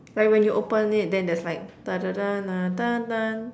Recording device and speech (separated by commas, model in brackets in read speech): standing microphone, conversation in separate rooms